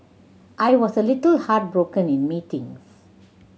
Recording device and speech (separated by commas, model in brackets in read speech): mobile phone (Samsung C7100), read sentence